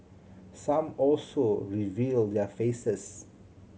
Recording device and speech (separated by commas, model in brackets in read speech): mobile phone (Samsung C7100), read sentence